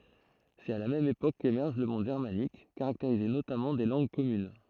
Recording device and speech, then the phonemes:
throat microphone, read sentence
sɛt a la mɛm epok kemɛʁʒ lə mɔ̃d ʒɛʁmanik kaʁakteʁize notamɑ̃ de lɑ̃ɡ kɔmyn

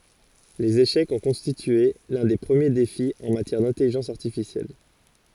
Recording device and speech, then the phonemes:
forehead accelerometer, read sentence
lez eʃɛkz ɔ̃ kɔ̃stitye lœ̃ de pʁəmje defi ɑ̃ matjɛʁ dɛ̃tɛliʒɑ̃s aʁtifisjɛl

